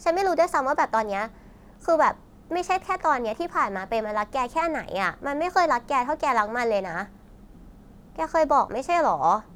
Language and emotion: Thai, frustrated